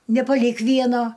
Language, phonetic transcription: Lithuanian, nepaˈlyk ˈvieno

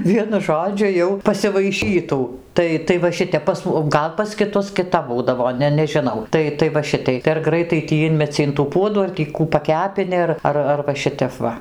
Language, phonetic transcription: Lithuanian, ˈvienu ˈžodžiu jau pasivaiˈšytų ˈtai tai va ˈšitep pas o ˈgal pas kiˈtus kiˈtap ˈbūdavo ˈne nežiˈnau ˈtai tai va ˈšitai tai ar ˈgraitai tį ˈinmeci in tų ˈpuodų ar tį ˈkų paˈkepini ar ˈar ar va ˈšitep ˈva

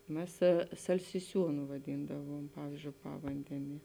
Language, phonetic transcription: Lithuanian, ˈmes salsiˈsiūnu vaˈdyndavuom ˈpavyzdžiou ˈpavandenie

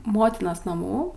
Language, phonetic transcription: Lithuanian, ˈmotinos naˈmų

